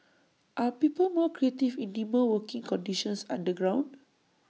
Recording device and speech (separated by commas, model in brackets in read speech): mobile phone (iPhone 6), read sentence